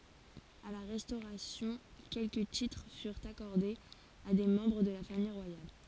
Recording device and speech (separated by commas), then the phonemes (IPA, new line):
forehead accelerometer, read sentence
a la ʁɛstoʁasjɔ̃ kɛlkə titʁ fyʁt akɔʁdez a de mɑ̃bʁ də la famij ʁwajal